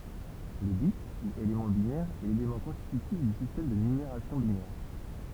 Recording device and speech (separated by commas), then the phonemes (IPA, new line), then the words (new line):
temple vibration pickup, read sentence
lə bit u elemɑ̃ binɛʁ ɛ lelemɑ̃ kɔ̃stitytif dy sistɛm də nymeʁasjɔ̃ binɛʁ
Le bit ou élément binaire est l'élément constitutif du système de numération binaire.